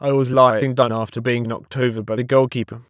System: TTS, waveform concatenation